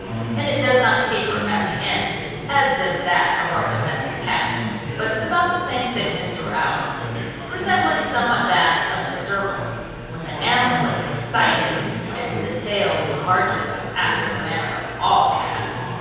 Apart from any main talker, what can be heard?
Crowd babble.